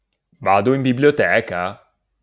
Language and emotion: Italian, surprised